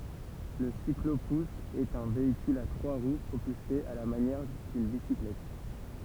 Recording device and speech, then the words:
temple vibration pickup, read sentence
Le cyclo-pousse est un véhicule à trois roues propulsé à la manière d'une bicyclette.

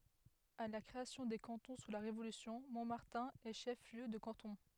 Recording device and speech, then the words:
headset microphone, read sentence
À la création des cantons sous la Révolution, Montmartin est chef-lieu de canton.

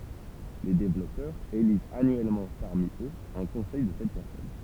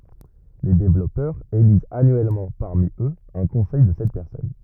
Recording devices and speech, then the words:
temple vibration pickup, rigid in-ear microphone, read sentence
Les développeurs élisent annuellement parmi eux un conseil de sept personnes.

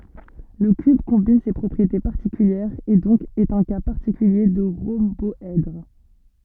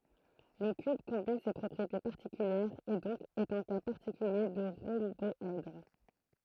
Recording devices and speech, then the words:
soft in-ear microphone, throat microphone, read sentence
Le cube combine ces propriétés particulières, et donc est un cas particulier de rhomboèdre.

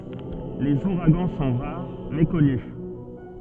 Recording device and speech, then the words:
soft in-ear microphone, read sentence
Les ouragans sont rares, mais connus.

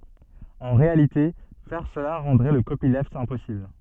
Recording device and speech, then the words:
soft in-ear microphone, read sentence
En réalité, faire cela rendrait le copyleft impossible.

